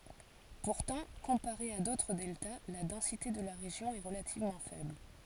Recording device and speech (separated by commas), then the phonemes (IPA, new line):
forehead accelerometer, read sentence
puʁtɑ̃ kɔ̃paʁe a dotʁ dɛlta la dɑ̃site də la ʁeʒjɔ̃ ɛ ʁəlativmɑ̃ fɛbl